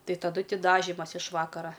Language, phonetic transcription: Lithuanian, ˈtai taˈdu ˈti daˈžimas iš ˈvakara

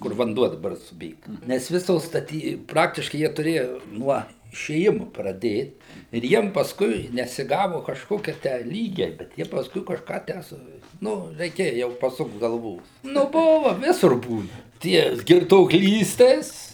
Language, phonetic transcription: Lithuanian, kur vanˈduo daˈbar suˈbėga ˈnes ˈvisos staˈty ˈpraktiškai ˈjie tuˈrėja ˈnuo išėˈjimu praˈdėt ir ˈjiem pasˈkui nesiˈgavu kažˈkokie tę ˈlygiai ˈbet ˈjie pasˈkui kažˈką ˈtę su ˈnu reiˈkėja jau paˈsukt galˈvų nu ˈbuva ˈvisur ˈbūna ˈtie girtuokˈlystės

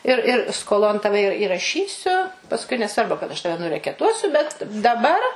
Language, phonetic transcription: Lithuanian, ir ir skoˈlon ˈtave ir iraˈšysiu pasˈkui neˈsvarbu kad aš ˈtave nurekeˈtuosiu bet daˈbar

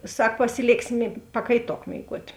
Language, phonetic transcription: Lithuanian, ˈsak pasiˈlėksi mė pakaiˈtok mėiˈguot'

